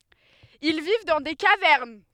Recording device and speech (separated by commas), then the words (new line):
headset microphone, read sentence
Ils vivent dans des cavernes.